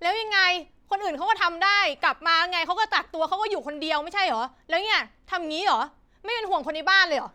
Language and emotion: Thai, angry